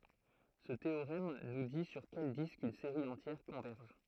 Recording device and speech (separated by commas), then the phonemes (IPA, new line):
throat microphone, read sentence
sə teoʁɛm nu di syʁ kɛl disk yn seʁi ɑ̃tjɛʁ kɔ̃vɛʁʒ